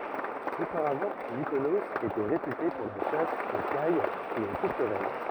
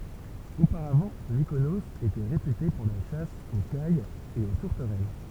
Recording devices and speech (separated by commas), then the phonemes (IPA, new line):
rigid in-ear microphone, temple vibration pickup, read sentence
opaʁavɑ̃ mikonoz etɛ ʁepyte puʁ la ʃas o kajz e o tuʁtəʁɛl